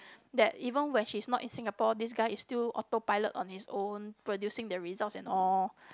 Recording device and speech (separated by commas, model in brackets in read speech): close-talking microphone, conversation in the same room